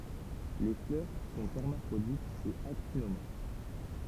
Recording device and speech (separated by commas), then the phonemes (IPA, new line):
temple vibration pickup, read sentence
le flœʁ sɔ̃ ɛʁmafʁoditz e aktinomɔʁf